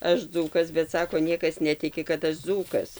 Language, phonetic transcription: Lithuanian, ˈaš ˈdzūkas bet ˈsako ˈniekas ˈnetiki kad ˈaš ˈdzūkas

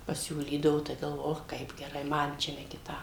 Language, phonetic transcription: Lithuanian, paˈsiūlydavo tai galˈvoju ˈoch ˈkaip geˈrai ˈman čia ne kiˈtam

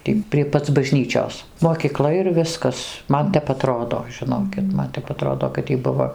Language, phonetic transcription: Lithuanian, ˈtį prie ˈpac baˈžnyčios mokyˈkla ir ˈviskas ˈman ˈtep aˈtrodo žiˈnokit ˈman tep aˈtrodo kad ˈjy ˈbuvo

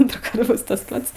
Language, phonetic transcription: Lithuanian, ˈantrųˌkart ˈbus tas ˈpats

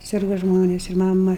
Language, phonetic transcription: Lithuanian, ˈsirga ˈžmonės ir ˈmama

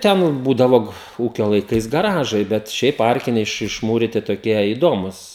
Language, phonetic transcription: Lithuanian, ˈten ˈbūdavo ˈūkio laiˈkais gaˈražai ˈbet ˈšiaip ˈarkiniai iš išˈmūriti toˈkie i ˈdomūs

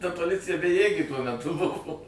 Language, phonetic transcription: Lithuanian, ta poˈlicija beˈjėgė tuo meˈtu ˈbuvo

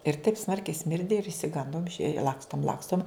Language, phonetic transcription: Lithuanian, ir taip ˈsmarkiai ˈsmirdi ir išsiˈgandom išei ˈlakstom ˈlakstom

